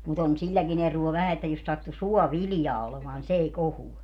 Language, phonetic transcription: Finnish, mut ‿on 'siĺläki'n ‿eruo 'vähä että jos 'sattu "suɔ"viljaa olemaan ni 's ‿ei 'kohuɔ .
- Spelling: mutta on silläkin eroa vähän että jos sattui suoviljaa olemaan niin se ei kohoa

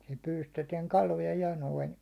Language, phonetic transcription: Finnish, sil pyylystetiɛŋ 'kaloja 'ja noin .
- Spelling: sillä pyydystettiin kaloja ja noin

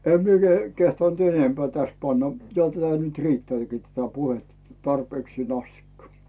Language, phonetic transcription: Finnish, 'em mie keh- , kehtant "enempᵉä̀ täs 'panna , 'jo tätä nyt "riitteä̀kii tätä 'puhetta 'tarpeeksiin ‿astikka .
- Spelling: en minä - kehdannut enempää tässä panna jo tätä nyt riittääkin tätä puhetta tarpeeksi asti

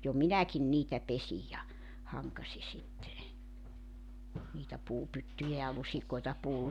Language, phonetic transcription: Finnish, jo "minäkin 'niitä 'pesij ja , 'haŋkasi sitte , niitä 'puupyttyjä ja 'lusikoita puu- ,.
- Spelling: jo minäkin niitä pesin ja hankasin sitten niitä puupyttyjä ja lusikoita -

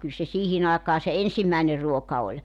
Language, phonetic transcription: Finnish, kyl se 'siihin ‿aekaa se "ensimmä̀ener 'ruoka oĺ .
- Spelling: kyllä se siihen aikaan se ensimmäinen ruoka oli

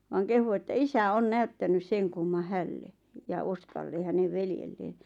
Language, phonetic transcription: Finnish, vaaŋ 'kehu että "isä "on "näyttänys 'seŋ kumma "hälle , ja 'Oskalle hänev 'veljelleen .
- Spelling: vaan kehui että isä on näyttänyt sen kumman hänelle ja Oskalle hänen veljelleen

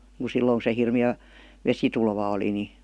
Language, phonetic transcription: Finnish, [Niin]ku 'silloŋ ku se 'hirmi₍ä̀ , "vesitulva oli ni .
- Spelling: niin kuin silloin kun se hirmeä vesitulva oli niin

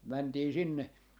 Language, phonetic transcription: Finnish, 'mäntii 'sinne .
- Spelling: mentiin sinne

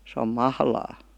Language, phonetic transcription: Finnish, se om "mahlaa .
- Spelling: se on mahlaa

